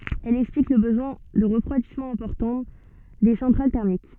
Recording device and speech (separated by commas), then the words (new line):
soft in-ear microphone, read sentence
Elle explique le besoin de refroidissement important des centrales thermiques.